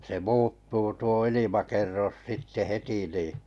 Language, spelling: Finnish, se muuttuu tuo ilmakerros sitten heti niin
- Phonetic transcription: se 'muuttuu tuo 'ilimakerros 'sitte "heti nì ,.

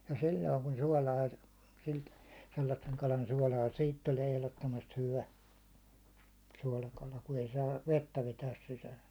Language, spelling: Finnish, ja silloin kun suolaa - sellaisen kalan suolaa siitä tulee ehdottomasti hyvä suolakala kun ei saa vettä vetää sisäänsä
- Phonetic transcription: ja 'sil̜l̜oiŋ kun 'suålaa , silt- , sellasseŋ kalan 'suålaa , "siit tulie 'ehlottomast 'hyvä , 'suålakala , ku ei saav "vettä 'vetääs sisääs .

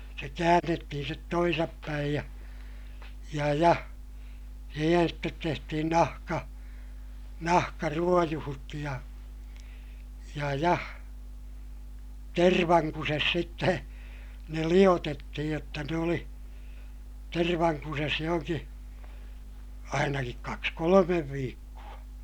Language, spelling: Finnish, se käännettiin sitten toisinpäin ja ja ja siihen sitten tehtiin nahka nahkaruojut ja ja ja tervankusessa sitten ne liotettiin jotta ne oli tervankusessa johonkin ainakin kaksi kolme viikkoa
- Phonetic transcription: se käännettihin stet toisappäij ja , ja ja , siihen stet tehtihin nahka- , nahkaruojuhut ja , ja ja , tervaŋkuses sitte , ne liʲotettihij jotta ne oli , tervaŋkuses johoŋki , ainakik kaks kolomev viikku₍a .

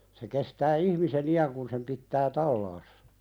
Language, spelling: Finnish, se kestää ihmisen iän kun sen pitää talaassa
- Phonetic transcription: se kestää "ihmise'n ‿i₍äŋ kun sem 'pittää "tallaassᴀ .

